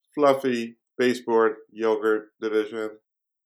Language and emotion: English, sad